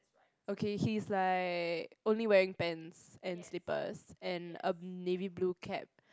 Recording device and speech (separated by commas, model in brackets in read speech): close-talking microphone, conversation in the same room